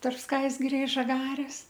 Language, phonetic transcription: Lithuanian, tarp ˈskaisgiria i žaˈgarės

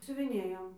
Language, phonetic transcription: Lithuanian, siuviˈnėjom

